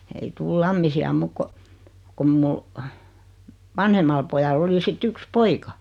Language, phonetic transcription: Finnish, ei 'tuul "Lammisi₍a 'muuk ko , 'kom mu , 'vanhemal pojal'l ‿oli si't ‿yks "poika .
- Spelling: ei tule Lammisia muuta kuin kun minun vanhemmalla pojalla oli sitten yksi poika

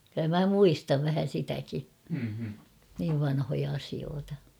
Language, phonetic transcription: Finnish, kʸllä 'mä "muistav vähä 'sitäki , niiv vanhoja asioota .
- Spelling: kyllä minä muistan vähän sitäkin niin vanhoja asioita

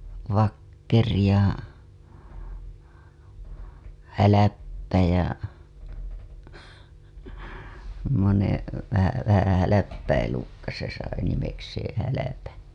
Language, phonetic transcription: Finnish, 'Vakkeri ja 'Häläppä ja , (sem)monev , vähä , vähää̰ häläppä elukka se sai nimekseeḛ HäläpäN .
- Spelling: Vakkeri ja Hälppä ja semmoinen vähän vähän hälppä elukka se sai nimekseen Hälpän

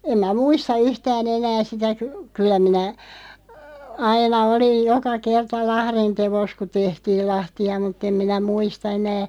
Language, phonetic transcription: Finnish, 'em mä "muista 'yhtää'n ‿enää sitä ky- , 'kyl̆lä minä , 'aina 'oliʲ "joka 'kerta "lahrin 'tevos ku "tehtiil 'lahti₍a mut'ᵗ ‿em minä "muista 'enää ,.
- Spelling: en minä muista yhtään enää sitä - kyllä minä aina olin joka kerta lahdin teossa kun tehtiin lahtia mutta en minä muista enää

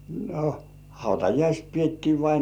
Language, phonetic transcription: Finnish, 'no "hautajaist 'piettii vainŏàja - - .
- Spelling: no hautajaiset pidettiin vainaja

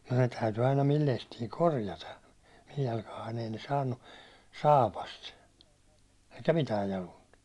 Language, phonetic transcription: Finnish, ne täyty aina 'mil 'lestii "korjata , mij 'jalkahain ei ne 'saannu , 'saapast , eikä "mitää 'jalunt .
- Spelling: ne täytyi aina minun lestini korjata minun jalkaani ei ne saanut saapasta eikä mitään jaluinta

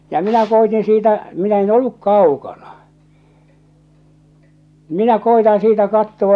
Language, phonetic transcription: Finnish, ja 'minä koitin siitä , minä 'en "olluk 'kaukana , 'minä 'koitaa̰ 'siitä 'kattowa .
- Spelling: ja minä koetin siitä minä en ollut kaukana minä koetan siitä katsoa

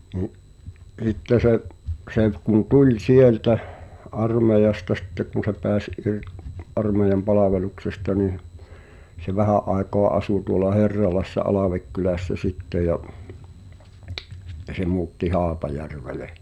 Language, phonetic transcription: Finnish, ni’ , '(s)itte se’ , se kun "tuĺ 'sieltä , 'armeijasta sitte kuⁿ̬ se pɛäs ir- , "’armeijam 'palaveluksesta nih , se 'vähä’ ’aekoa 'asu tuola "Herralassa 'Alàvekkylässä sitte ja , (sɪttᴇ) se muutti "Haapajärvele .
- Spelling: niin sitten se se kun tuli sieltä armeijasta sitten kun se pääsi - armeijan palveluksesta niin se vähän aikaa asui tuolla Herralassa Alvekylässä sitten ja sitten se muutti Haapajärvelle

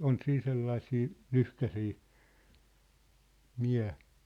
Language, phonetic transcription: Finnish, on "siin 'sellaĭsii , "lyhkäsii , » 'miä . «
- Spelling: on siinä sellaisia lyhkäisiä mie

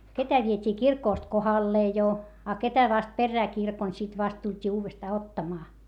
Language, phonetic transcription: Finnish, ketä viet́ii kirkòst kohallee jo , a ketä vast perrää kirkon sit vast tult́ii uuvestaa ottamaa .
- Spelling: ketä vietiin kirkosta kohdalleen jo a ketä vasta perään kirkon sitten vasta tultiin uudestaan ottamaan

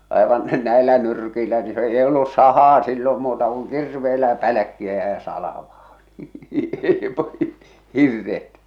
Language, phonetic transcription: Finnish, àevan , 'näellä 'nyrkiilä ni se , ei ollus 'sahaa sillom muuta kuŋ "kirveelä "pälᵃ̈kkiä ja 'salᵃvaa ɴɪ , "hirret .
- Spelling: aivan näillä nyrkeillä niin se ei ollut sahaa silloin muuta kuin kirveellä pälkkiä ja salvaa niin hirret

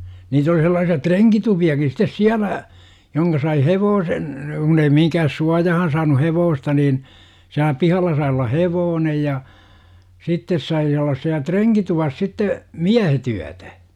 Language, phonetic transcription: Finnish, 'niit ‿oli sellaasi₍a "treŋkitupi₍akis sit̆tes "siälä , 'joŋka sai "hevoosen , kunn ‿ei 'mihiŋkähäs "suajahan saanu "hevoosta niin , siälä 'pihalla sai olla "hevoonej ja , 'sittes sai ollas siä "treŋkituvas sitte , "miähe't ‿yätä .
- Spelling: niitä oli sellaisia renkitupiakin sitten siellä johon sai hevosen kun ei mihinkään suojaan saanut hevosta niin siellä pihalla sai olla hevonen ja sitten sai olla siellä renkituvassa sitten miehet yötä

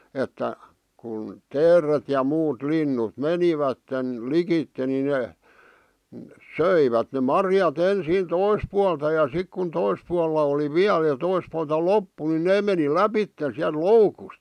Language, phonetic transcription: Finnish, että , kun , "teeret ja 'muut "linnut "menivätten , "likitte ni 'nè , "söivät ne 'marjat 'ensiin "tois pualta ja 'sik kun 'tois pualla oli "viäl ja 'tois pualta "loppu ni "nee meni "läpitten̬ siälᵗ "loukust .
- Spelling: että kun teeret ja muut linnut menivät likitse niin ne söivät ne marjat ensin toiselta puolelta ja sitten kun toisella puolella oli vielä ja toiselta puolelta loppu niin ne meni lävitse sieltä loukusta

